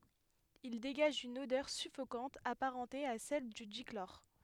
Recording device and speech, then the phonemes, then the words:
headset microphone, read sentence
il deɡaʒ yn odœʁ syfokɑ̃t apaʁɑ̃te a sɛl dy diklɔʁ
Il dégage une odeur suffocante apparentée à celle du dichlore.

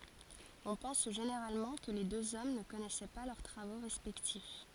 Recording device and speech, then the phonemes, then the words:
forehead accelerometer, read sentence
ɔ̃ pɑ̃s ʒeneʁalmɑ̃ kə le døz ɔm nə kɔnɛsɛ pa lœʁ tʁavo ʁɛspɛktif
On pense généralement que les deux hommes ne connaissaient pas leurs travaux respectifs.

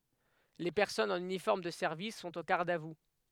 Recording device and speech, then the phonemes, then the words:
headset microphone, read sentence
le pɛʁsɔnz ɑ̃n ynifɔʁm də sɛʁvis sɔ̃t o ɡaʁd a vu
Les personnes en uniforme de service sont au garde à vous.

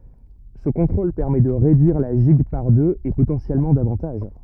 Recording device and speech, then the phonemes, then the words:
rigid in-ear microphone, read sentence
sə kɔ̃tʁol pɛʁmɛ də ʁedyiʁ la ʒiɡ paʁ døz e potɑ̃sjɛlmɑ̃ davɑ̃taʒ
Ce contrôle permet de réduire la gigue par deux, et potentiellement davantage.

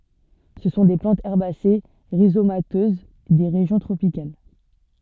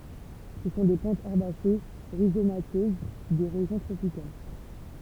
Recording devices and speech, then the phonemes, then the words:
soft in-ear microphone, temple vibration pickup, read sentence
sə sɔ̃ de plɑ̃tz ɛʁbase ʁizomatøz de ʁeʒjɔ̃ tʁopikal
Ce sont des plantes herbacées rhizomateuses des régions tropicales.

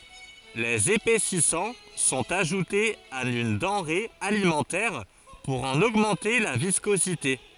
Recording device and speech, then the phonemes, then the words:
forehead accelerometer, read sentence
lez epɛsisɑ̃ sɔ̃t aʒutez a yn dɑ̃ʁe alimɑ̃tɛʁ puʁ ɑ̃n oɡmɑ̃te la viskozite
Les épaississants sont ajoutés à une denrée alimentaire pour en augmenter la viscosité.

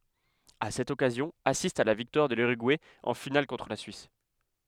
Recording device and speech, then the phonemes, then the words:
headset microphone, read sentence
a sɛt ɔkazjɔ̃ asistt a la viktwaʁ də lyʁyɡuɛ ɑ̃ final kɔ̃tʁ la syis
À cette occasion, assistent à la victoire de l'Uruguay en finale contre la Suisse.

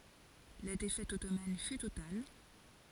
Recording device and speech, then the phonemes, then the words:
forehead accelerometer, read sentence
la defɛt ɔtoman fy total
La défaite ottomane fut totale.

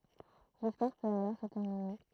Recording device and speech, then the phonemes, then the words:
throat microphone, read sentence
listwaʁ pøt alɔʁ sə tɛʁmine
L'histoire peut alors se terminer.

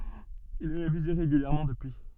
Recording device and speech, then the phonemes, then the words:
soft in-ear microphone, read sentence
il ɛ ʁevize ʁeɡyljɛʁmɑ̃ dəpyi
Il est révisé régulièrement depuis.

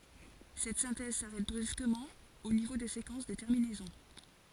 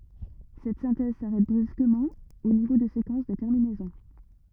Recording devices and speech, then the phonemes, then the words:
forehead accelerometer, rigid in-ear microphone, read sentence
sɛt sɛ̃tɛz saʁɛt bʁyskəmɑ̃ o nivo də sekɑ̃s də tɛʁminɛzɔ̃
Cette synthèse s'arrête brusquement au niveau de séquences de terminaison.

